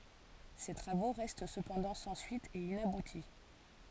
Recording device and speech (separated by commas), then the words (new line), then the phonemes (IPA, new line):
forehead accelerometer, read sentence
Ses travaux restent cependant sans suite et inaboutis.
se tʁavo ʁɛst səpɑ̃dɑ̃ sɑ̃ syit e inabuti